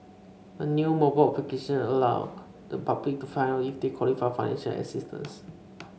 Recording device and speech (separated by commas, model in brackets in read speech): mobile phone (Samsung C5), read sentence